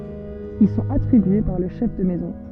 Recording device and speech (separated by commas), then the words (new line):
soft in-ear microphone, read sentence
Ils sont attribués par le chef de maison.